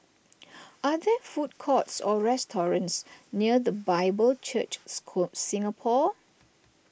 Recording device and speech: boundary microphone (BM630), read sentence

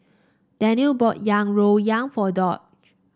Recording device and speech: standing microphone (AKG C214), read sentence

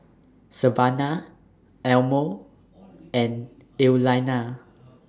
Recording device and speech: standing microphone (AKG C214), read sentence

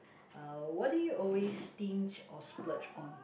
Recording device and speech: boundary microphone, conversation in the same room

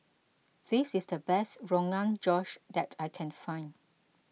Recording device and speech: mobile phone (iPhone 6), read sentence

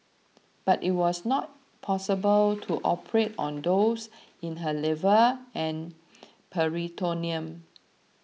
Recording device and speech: mobile phone (iPhone 6), read sentence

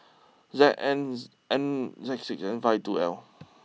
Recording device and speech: mobile phone (iPhone 6), read sentence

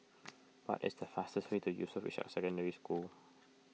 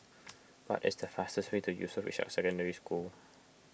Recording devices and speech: mobile phone (iPhone 6), boundary microphone (BM630), read sentence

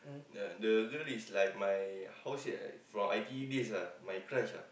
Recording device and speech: boundary microphone, conversation in the same room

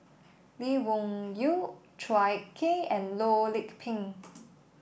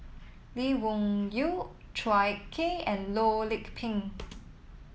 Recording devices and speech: boundary microphone (BM630), mobile phone (iPhone 7), read sentence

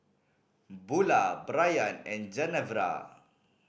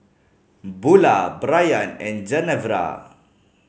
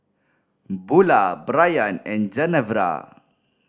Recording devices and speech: boundary microphone (BM630), mobile phone (Samsung C5010), standing microphone (AKG C214), read sentence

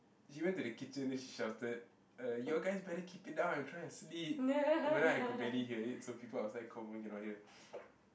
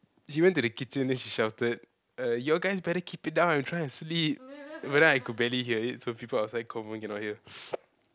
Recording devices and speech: boundary microphone, close-talking microphone, conversation in the same room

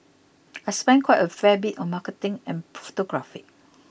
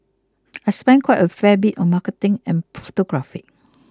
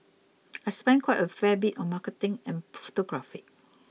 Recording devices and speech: boundary microphone (BM630), close-talking microphone (WH20), mobile phone (iPhone 6), read sentence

